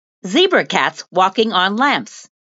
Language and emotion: English, happy